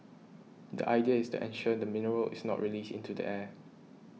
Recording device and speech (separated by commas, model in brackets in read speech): mobile phone (iPhone 6), read sentence